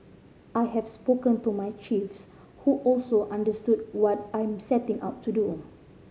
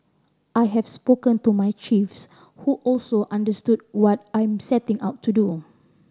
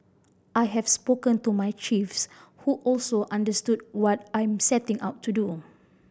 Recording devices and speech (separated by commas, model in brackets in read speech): mobile phone (Samsung C5010), standing microphone (AKG C214), boundary microphone (BM630), read sentence